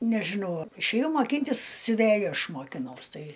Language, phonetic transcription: Lithuanian, nežiˈnau išėˈjau maˈkyntis siuˈvėju ˈaš mokiˈnaus ˈtai

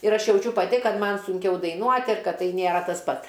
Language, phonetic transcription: Lithuanian, ir ˈaš jauˈčiu paˈti ˈkad ˈman sunˈkiau daiˈnuot' ir ˈkad ˈtai nėˈra tas ˈpat

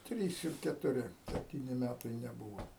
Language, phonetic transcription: Lithuanian, ˈtrys ir ketuˈri sepˈtyni ˈmætai neˈbūvo

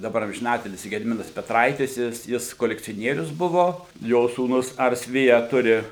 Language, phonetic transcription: Lithuanian, daˈbar amžiˈnatilsį gediˈminas peˈtraitis ˈjis ˈjis kolekcioˈnierius ˈbuvo ˈjo sūˈnus ˈars ˈvija ˈturi

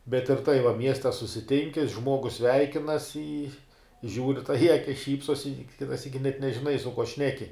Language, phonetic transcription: Lithuanian, bet ir tai va ˈmieste susiˈtinki ˈžmuogus ˈsveikinas i žiūr' tai i ˈakis ˈšypsos i ˈkita ˈsyki nežiˈnai su kuo ˈšneki

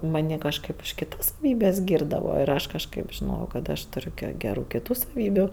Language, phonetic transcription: Lithuanian, maˈnį kažˈkaip už kiˈtas saˈvybes ˈgyrdavo ir ˈaš kažˈkaip žiˈnojau kad ˈaštuˈriu ge geˈrų kiˈtų saˈvybiu

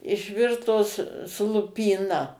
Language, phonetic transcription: Lithuanian, išˈvirtos su lupyˈna

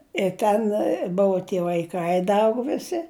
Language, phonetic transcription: Lithuanian, i ˈten ˈbuvu tie vaiˈkai ˈda ˈaugu viˈsi

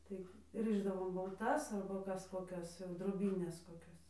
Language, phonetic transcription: Lithuanian, ˈtai ˈrɨšdavom balˈtas arba ˈkas koˈkias jau droˈbynes koˈkias

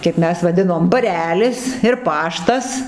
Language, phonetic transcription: Lithuanian, kaip ˈmes vaˈdinom baˈrelis ir ˈpaštas

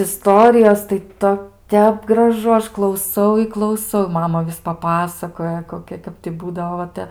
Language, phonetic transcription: Lithuanian, iˈstorijos tai ˈto ˈtep graˈžu ˈaš klauˈsau i klauˈsau ˈmama ˈvis paˈpasakoja koˈkia ˈkap ti ˈbūdavo va ˈte

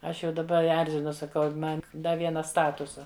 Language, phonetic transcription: Lithuanian, ˈaš jau daˈba ˈerzinu saˈkau ˈman ˈda ˈviena ˈstatusa

